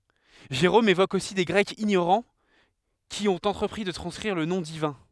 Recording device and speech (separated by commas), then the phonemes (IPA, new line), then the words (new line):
headset microphone, read sentence
ʒeʁom evok osi de ɡʁɛkz iɲoʁɑ̃ ki ɔ̃t ɑ̃tʁəpʁi də tʁɑ̃skʁiʁ lə nɔ̃ divɛ̃
Jérôme évoque aussi des Grecs ignorants qui ont entrepris de transcrire le nom divin.